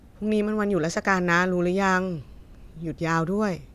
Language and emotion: Thai, neutral